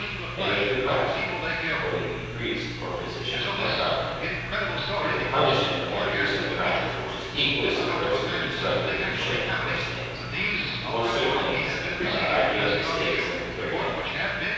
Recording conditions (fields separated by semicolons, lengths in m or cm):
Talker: one person; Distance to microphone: 7.1 m; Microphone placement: far; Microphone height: 1.7 m; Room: very reverberant, large; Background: television